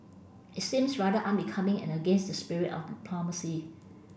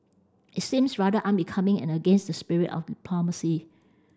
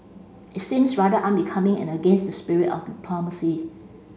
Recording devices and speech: boundary microphone (BM630), standing microphone (AKG C214), mobile phone (Samsung C5), read sentence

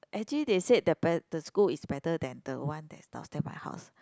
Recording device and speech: close-talking microphone, conversation in the same room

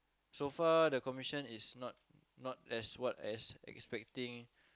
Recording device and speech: close-talking microphone, conversation in the same room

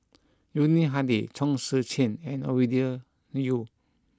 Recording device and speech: close-talking microphone (WH20), read sentence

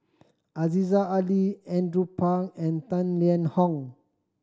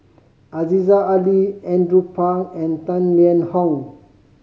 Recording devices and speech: standing microphone (AKG C214), mobile phone (Samsung C5010), read sentence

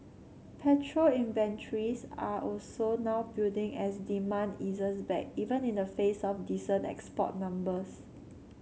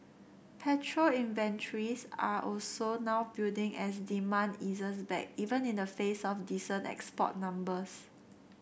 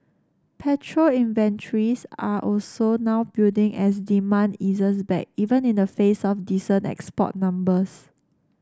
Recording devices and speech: mobile phone (Samsung C7), boundary microphone (BM630), standing microphone (AKG C214), read sentence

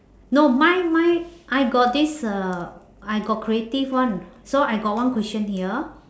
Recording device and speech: standing microphone, conversation in separate rooms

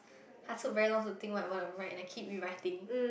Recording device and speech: boundary microphone, conversation in the same room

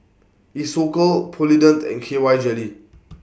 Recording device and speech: boundary microphone (BM630), read sentence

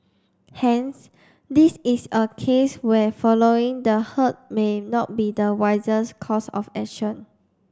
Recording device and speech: standing microphone (AKG C214), read sentence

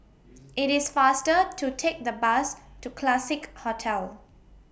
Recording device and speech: boundary microphone (BM630), read sentence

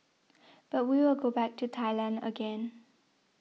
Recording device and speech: mobile phone (iPhone 6), read sentence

